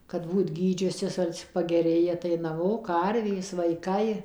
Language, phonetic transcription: Lithuanian, kad ˈbūt ˈgydžiusis ˈal'c' pageˈrėja tai naˈmo ˈkarvės vaiˈkai

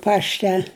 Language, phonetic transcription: Lithuanian, ˈpašte

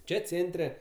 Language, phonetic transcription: Lithuanian, ˈčia ˈcėntre

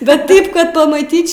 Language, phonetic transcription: Lithuanian, bet ˈtaip kad pamaˈtyč'

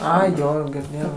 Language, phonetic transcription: Lithuanian, ˈai ˈjo girˈdėjau

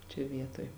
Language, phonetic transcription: Lithuanian, čia ˈvietoj

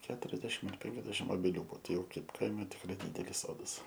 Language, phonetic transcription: Lithuanian, ˈketuriasdešim ar ˈpenkiasdešim obeˈlių ˈbuo ˈtai ˈjau ˈkaip ˈkaime tikˈrai ˈdidelis ˈsodas

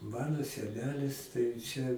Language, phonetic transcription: Lithuanian, ˈmano seˈnelis tai ˈčia

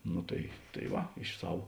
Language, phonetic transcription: Lithuanian, ˈno tai tai ˈva iš ˈsav

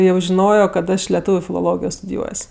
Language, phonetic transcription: Lithuanian, jau žiˈnojo kad ˈaš leˈtūviu filoˈlogijo studiˈjuos'

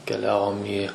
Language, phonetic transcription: Lithuanian, keˈliavom į

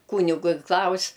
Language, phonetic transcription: Lithuanian, ˈkūnigu i ˈklaus'

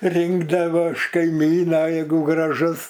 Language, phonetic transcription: Lithuanian, ˈrinkdavo iš kaiˈmyna jeiˈgu graˈžus

